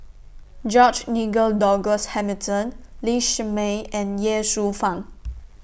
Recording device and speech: boundary microphone (BM630), read sentence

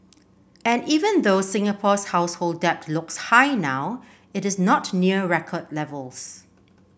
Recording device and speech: boundary microphone (BM630), read sentence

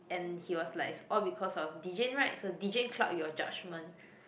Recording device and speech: boundary microphone, conversation in the same room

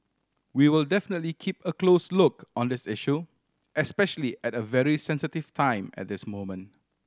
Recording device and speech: standing microphone (AKG C214), read sentence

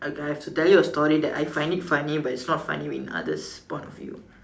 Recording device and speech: standing microphone, conversation in separate rooms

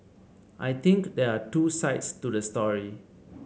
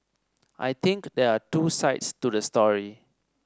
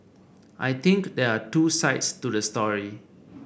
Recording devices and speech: mobile phone (Samsung C7), standing microphone (AKG C214), boundary microphone (BM630), read sentence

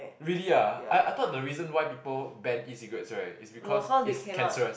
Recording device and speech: boundary microphone, conversation in the same room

